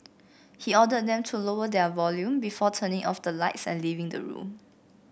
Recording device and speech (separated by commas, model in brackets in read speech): boundary microphone (BM630), read sentence